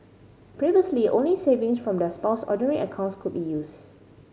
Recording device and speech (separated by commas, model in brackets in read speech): mobile phone (Samsung C5010), read sentence